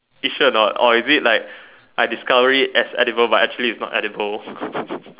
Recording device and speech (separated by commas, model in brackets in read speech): telephone, conversation in separate rooms